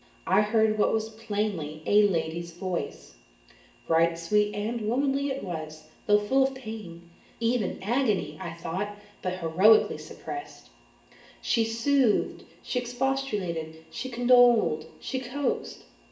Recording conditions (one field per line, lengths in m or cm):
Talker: one person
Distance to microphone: 1.8 m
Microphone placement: close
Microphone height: 1.0 m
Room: large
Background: none